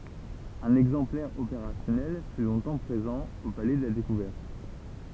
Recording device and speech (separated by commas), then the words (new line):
temple vibration pickup, read sentence
Un exemplaire opérationnel fut longtemps présent au Palais de la découverte.